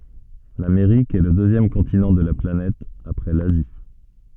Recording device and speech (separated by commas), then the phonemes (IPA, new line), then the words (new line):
soft in-ear microphone, read sentence
lameʁik ɛ lə døzjɛm kɔ̃tinɑ̃ də la planɛt apʁɛ lazi
L'Amérique est le deuxième continent de la planète après l'Asie.